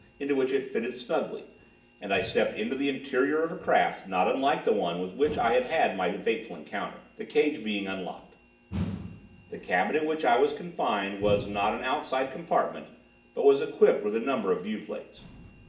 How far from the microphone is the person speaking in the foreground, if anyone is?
1.8 m.